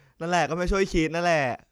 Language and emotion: Thai, happy